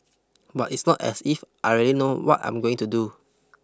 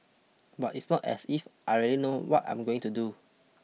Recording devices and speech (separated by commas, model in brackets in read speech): close-talking microphone (WH20), mobile phone (iPhone 6), read sentence